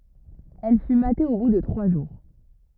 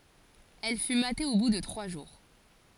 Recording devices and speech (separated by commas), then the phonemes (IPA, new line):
rigid in-ear microphone, forehead accelerometer, read sentence
ɛl fy mate o bu də tʁwa ʒuʁ